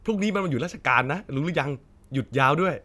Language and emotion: Thai, happy